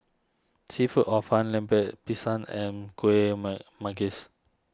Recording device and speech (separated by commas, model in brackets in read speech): standing microphone (AKG C214), read sentence